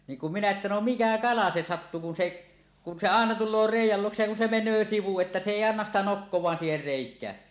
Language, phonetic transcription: Finnish, 'niiŋ kum 'minä että no "mikä 'kala se 'sattu kun 'se , kun se 'àena 'tul̆loo "rèij̆jäl 'luoksej ja kun se men̆nöö sivu että se 'èi 'annas sitä 'nokkoẁaan siiher 'rèik̀ää .
- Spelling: niin kun minä että no mikä kala se sattui kun se kun se aina tulee reiän luokse ja kun se menee sivuun että se ei anna sitä nokkaansa siihen reikään

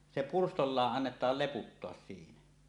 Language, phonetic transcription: Finnish, se "purstollaaˀ 'ˀannetaal 'leputtoas siinä .
- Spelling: se pyrstöllään annetaan leputtaa siinä

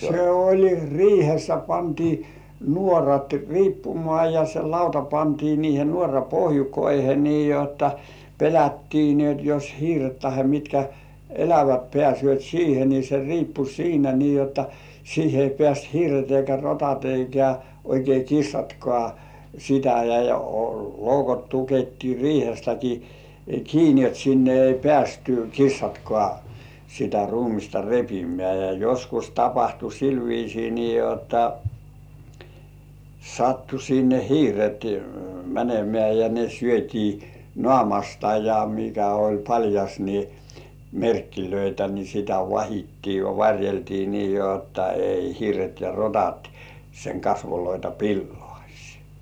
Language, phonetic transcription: Finnish, se 'oĺ "riihessä , pantii "nuorat "riippumŏà ja se 'lauta pantii niihe nuora "pohjukoihe nii jotta , pelättii ni ‿ot jos 'hiiret tahe mitkä , "elävät 'pĕä̀sy̆ö̀t 'siihe ni se 'riippu "siinä nii jotta , 'siihe ei pĕä̀st "hiiret eikä 'rotat eikä , oikei 'kissatkŏ§à , sitä ja , 'loukot tukettii "riihestäki kiini ot sinne ei 'peästy "kissatkŏ§à , sitä ruumista 'repimĕä̀ , ja joskus tapahtu 'sil viisii nii jotta , 'sattu sinne "hiiret 'mänemĕ§ä̀ ja ne 'syöt́ii "nŏ§àmasta ja mikä oĺ 'paĺjas ni , "merkkilöitä ni sitä "vahittii ja "var̜jeltii nii jotta ei "hiiret ja 'rotat , seŋ 'kasvoloita "pillŏàś .
- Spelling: se oli riihessä pantiin nuorat riippumaan ja se lauta pantiin niihin nuoran pohjukoihin niin jotta pelättiin niin jotta jos hiiret tai mitkä elävät pääsevät siihen niin se riippui siinä niin jotta siihen ei pääse hiiret eikä rotat eikä oikein kissatkaan sitä ja loukot tukittiin riihestäkin kiinni jotta sinne ei päässyt kissatkaan sitä ruumista repimään ja joskus tapahtui sillä viisiin niin jotta sattui sinne hiiret menemään ja ne syötiin naamasta ja mikä oli paljas niin merkkejä niin sitä vahdittiin ja varjeltiin niin jotta ei hiiret ja rotat sen kasvoja pilaisi

